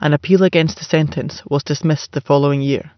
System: none